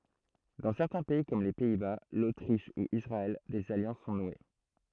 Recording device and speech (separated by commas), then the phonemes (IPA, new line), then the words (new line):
throat microphone, read sentence
dɑ̃ sɛʁtɛ̃ pɛi kɔm le pɛi ba lotʁiʃ u isʁaɛl dez aljɑ̃s sɔ̃ nwe
Dans certains pays, comme les Pays-Bas, l’Autriche ou Israël, des alliances sont nouées.